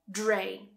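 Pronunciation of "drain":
In 'drain', the d and r combine, so the start sounds more like a j sound than a plain d.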